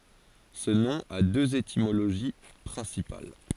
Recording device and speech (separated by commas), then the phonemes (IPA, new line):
forehead accelerometer, read sentence
sə nɔ̃ a døz etimoloʒi pʁɛ̃sipal